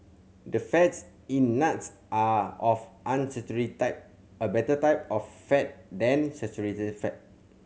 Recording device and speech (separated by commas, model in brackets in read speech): mobile phone (Samsung C7100), read sentence